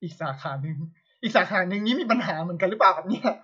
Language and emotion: Thai, angry